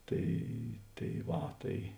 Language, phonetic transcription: Lithuanian, ˈtai tai ˈva ˈtai

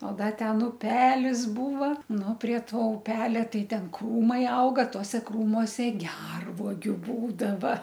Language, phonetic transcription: Lithuanian, o ˈda ˈten uˈpelis ˈbūva ˈnu prie ˈto uˈpelia ˈtai ˈten ˈkrūmai ˈauga ˈtuose ˈkrūmose ˈgervuogiu ˈbūdava

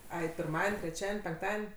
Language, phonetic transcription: Lithuanian, ˈai pirˈmaden' treˈčiaden' penkˈtaden'

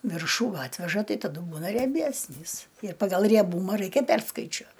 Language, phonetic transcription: Lithuanian, ˈviršų ˈatveža ˈtai taˈdu ˈbūna rieˈbæsnys ir pagal rieˈbūma ˈraikia ˈperskaičiuo

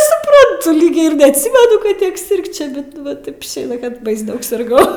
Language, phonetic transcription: Lithuanian, suˈprantu ˈlyg ir neatˈsymenu kad ˈtiek ˈsirgčia ˈbet ˈva ˈtaip išˈėja kad bais ˈdaug sirˈgau

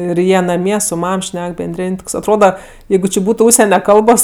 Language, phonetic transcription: Lithuanian, ir ˈjie naˈmie su ˈmam ˈšnek benˈdrėn' ˈtoks atˈroda ˈjeigu či ˈbūtu ˈužsene ˈkalbos

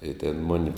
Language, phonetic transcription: Lithuanian, i tėn ˈmuni

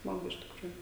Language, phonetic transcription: Lithuanian, ˈsmagu iš tikˈrųju

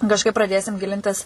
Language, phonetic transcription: Lithuanian, kažˈkaip praˈdėsim ˈgilintis

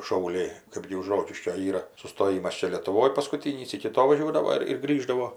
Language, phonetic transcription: Lithuanian, šauˈliai ˈkɜpgi už ˈrokiškio ˈyra sustoˈjimas ˈčia lietuˈvoj paskuˈtynys iki ˈto vaˈžiuodavo ir ir ˈgrįždavo

